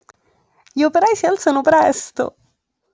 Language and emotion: Italian, happy